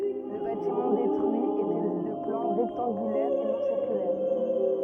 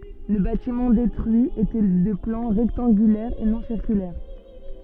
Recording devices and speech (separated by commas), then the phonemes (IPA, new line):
rigid in-ear microphone, soft in-ear microphone, read sentence
lə batimɑ̃ detʁyi etɛ də plɑ̃ ʁɛktɑ̃ɡylɛʁ e nɔ̃ siʁkylɛʁ